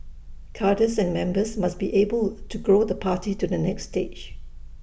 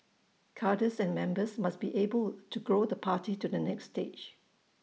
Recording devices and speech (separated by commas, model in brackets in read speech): boundary microphone (BM630), mobile phone (iPhone 6), read sentence